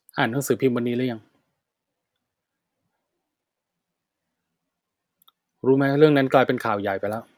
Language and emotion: Thai, frustrated